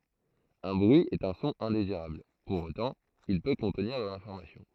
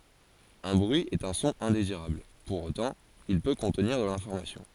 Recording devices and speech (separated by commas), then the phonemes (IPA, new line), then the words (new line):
throat microphone, forehead accelerometer, read sentence
œ̃ bʁyi ɛt œ̃ sɔ̃ ɛ̃deziʁabl puʁ otɑ̃ il pø kɔ̃tniʁ də lɛ̃fɔʁmasjɔ̃
Un bruit est un son indésirable, pour autant, il peut contenir de l'information.